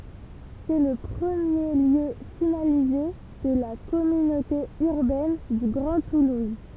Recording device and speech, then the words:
temple vibration pickup, read sentence
C'est le premier lieu finalisé de la Communauté Urbaine du Grand Toulouse.

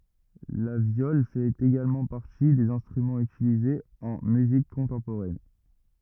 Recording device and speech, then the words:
rigid in-ear microphone, read sentence
La viole fait également partie des instruments utilisés en musique contemporaine.

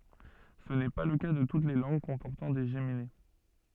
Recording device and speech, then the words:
soft in-ear microphone, read sentence
Ce n'est pas le cas de toutes les langues comportant des géminées.

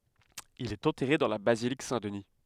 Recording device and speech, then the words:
headset microphone, read sentence
Il est enterré dans la basilique Saint-Denis.

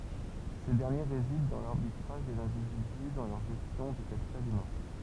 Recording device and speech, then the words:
temple vibration pickup, read sentence
Ces derniers résident dans l’arbitrage des individus dans leur gestion du capital humain.

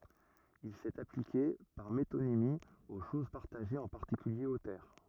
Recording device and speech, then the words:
rigid in-ear microphone, read sentence
Il s'est appliqué, par métonymie, aux choses partagées, en particulier aux terres.

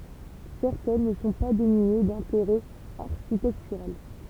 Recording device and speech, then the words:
temple vibration pickup, read sentence
Certaines ne sont pas dénuées d'intérêt architectural.

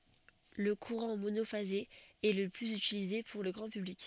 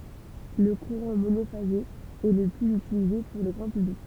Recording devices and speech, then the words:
soft in-ear microphone, temple vibration pickup, read sentence
Le courant monophasé est le plus utilisé pour le grand public.

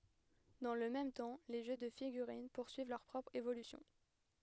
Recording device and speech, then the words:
headset microphone, read sentence
Dans le même temps, les jeux de figurines poursuivent leur propre évolution.

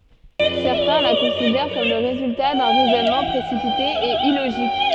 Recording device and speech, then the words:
soft in-ear microphone, read sentence
Certains la considèrent comme le résultat d'un raisonnement précipité et illogique.

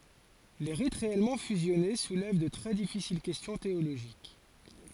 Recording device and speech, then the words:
forehead accelerometer, read sentence
Les rites réellement fusionnés soulèvent de très difficiles questions théologiques.

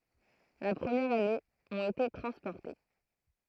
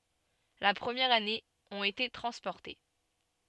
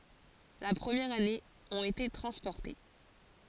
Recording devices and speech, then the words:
throat microphone, soft in-ear microphone, forehead accelerometer, read sentence
La première année, ont été transportés.

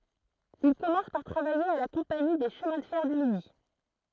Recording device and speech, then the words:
throat microphone, read sentence
Il commence par travailler à la Compagnie des chemins de fer du Midi.

